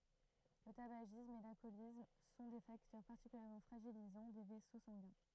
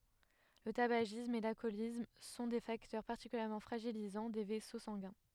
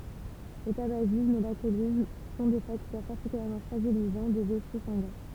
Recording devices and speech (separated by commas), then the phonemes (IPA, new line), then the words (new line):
throat microphone, headset microphone, temple vibration pickup, read sentence
lə tabaʒism e lalkɔlism sɔ̃ de faktœʁ paʁtikyljɛʁmɑ̃ fʁaʒilizɑ̃ de vɛso sɑ̃ɡɛ̃
Le tabagisme et l'alcoolisme sont des facteurs particulièrement fragilisants des vaisseaux sanguins.